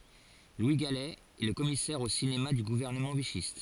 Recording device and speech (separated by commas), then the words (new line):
forehead accelerometer, read sentence
Louis Galey est le commissaire au cinéma du gouvernement vichyste.